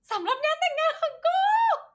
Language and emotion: Thai, happy